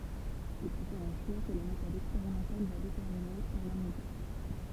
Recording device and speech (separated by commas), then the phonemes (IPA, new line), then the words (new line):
temple vibration pickup, read sentence
il fo fɛʁ œ̃ ʃwa kə la metɔd ɛkspeʁimɑ̃tal va detɛʁmine paʁ la məzyʁ
Il faut faire un choix que la méthode expérimentale va déterminer, par la mesure.